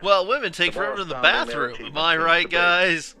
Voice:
cheezy awful standup voice